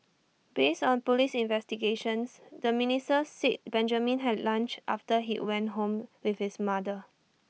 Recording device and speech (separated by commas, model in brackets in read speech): mobile phone (iPhone 6), read sentence